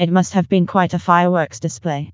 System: TTS, vocoder